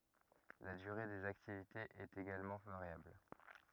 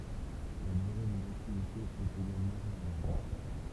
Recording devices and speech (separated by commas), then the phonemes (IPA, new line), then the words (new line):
rigid in-ear microphone, temple vibration pickup, read sentence
la dyʁe dez aktivitez ɛt eɡalmɑ̃ vaʁjabl
La durée des activités est également variable.